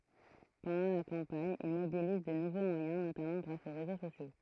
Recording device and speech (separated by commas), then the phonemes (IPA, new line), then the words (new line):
throat microphone, read sentence
pɑ̃dɑ̃ la kɑ̃paɲ il mobiliz də nuvo mwajɛ̃ notamɑ̃ ɡʁas o ʁezo sosjo
Pendant la campagne, il mobilise de nouveaux moyens notamment grâce aux réseaux sociaux.